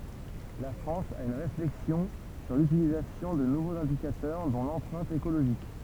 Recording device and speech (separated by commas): temple vibration pickup, read sentence